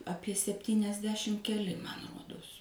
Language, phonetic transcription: Lithuanian, ˈapie septyniasˈdešim keˈli man ˈruodos

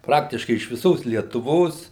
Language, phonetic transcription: Lithuanian, ˈpraktiškai iš viˈsos lietuˈvos

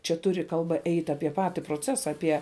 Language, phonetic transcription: Lithuanian, ˈčia ˈturi kalˈba ˈeit' ˈapie ˈpati proˈcesa ˈapie

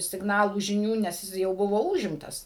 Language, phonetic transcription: Lithuanian, sigˈnalų žiˈnių nes ˈjis jau ˈbuvo ˈūžimtas

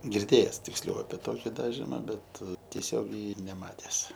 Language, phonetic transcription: Lithuanian, girˈdėjes tiksˈliau ape ˈtoki ˈdažima ˈbet tieˈsiogiai neˈmates

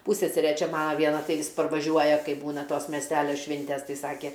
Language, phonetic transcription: Lithuanian, ˈpūssesere ˈčia ˈmana ˈviena ˈtai ˈvis parvaˈžiuoja ˈkai ˈbūna ˈtos mesˈtælio ˈšvintes ˈtai ˈsake

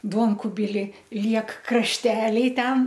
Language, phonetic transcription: Lithuanian, ˈduonkubili ˈliek krašˈteliai ˈten

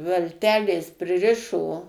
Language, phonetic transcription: Lithuanian, valˈtelės priˈrišo

